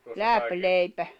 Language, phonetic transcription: Finnish, läpleipä .
- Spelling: läpileipä

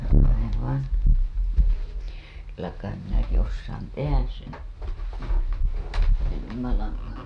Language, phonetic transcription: Finnish, (minä) hajev vain̬ , kyllä kaim minäki ossaan "tehäs sen̬ , venymälaŋŋan̬ .
- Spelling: minä haen vain kyllä kai minäkin osaan tehdä sen venymälangan

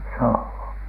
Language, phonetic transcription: Finnish, sohhooN .
- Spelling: sohoon

